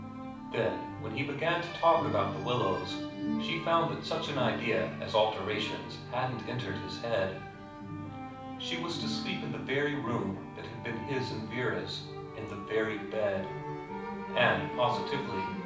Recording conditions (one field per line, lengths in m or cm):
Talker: one person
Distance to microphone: 5.8 m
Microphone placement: far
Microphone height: 1.8 m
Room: medium-sized (5.7 m by 4.0 m)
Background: music